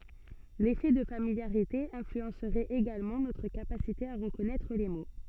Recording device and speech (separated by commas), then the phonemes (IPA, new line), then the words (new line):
soft in-ear microphone, read sentence
lefɛ də familjaʁite ɛ̃flyɑ̃sʁɛt eɡalmɑ̃ notʁ kapasite a ʁəkɔnɛtʁ le mo
L’effet de familiarité influencerait également notre capacité à reconnaître les mots.